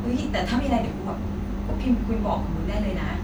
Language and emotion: Thai, neutral